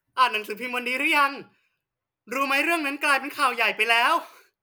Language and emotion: Thai, happy